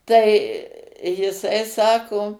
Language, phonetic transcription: Lithuanian, ˈtai jiˈsai ˈsako

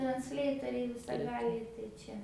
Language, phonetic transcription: Lithuanian, transˈleitoriai visaˈgaliai tai ˈčia

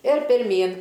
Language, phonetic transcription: Lithuanian, ir pirˈmyn

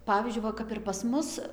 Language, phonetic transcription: Lithuanian, ˈpavyzdžiui ˈva kap ir pas ˈmus

